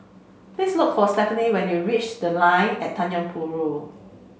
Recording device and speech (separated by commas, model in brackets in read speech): mobile phone (Samsung C5), read sentence